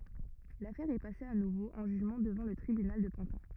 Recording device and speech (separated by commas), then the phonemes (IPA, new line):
rigid in-ear microphone, read sentence
lafɛʁ ɛ pase a nuvo ɑ̃ ʒyʒmɑ̃ dəvɑ̃ lə tʁibynal də pɑ̃tɛ̃